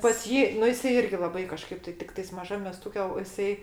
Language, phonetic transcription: Lithuanian, pas ˈjį nu ˈjisai ˈirgi laˈbai kaˈžkaip tai ˈtiktais maˈžam meˈstuke o jiˈsai

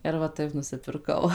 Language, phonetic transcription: Lithuanian, ir va ˈtaip nusipirˈkau

